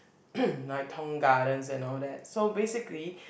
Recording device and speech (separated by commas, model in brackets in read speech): boundary microphone, conversation in the same room